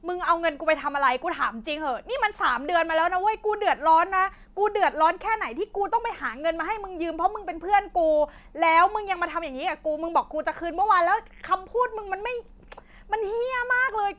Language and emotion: Thai, angry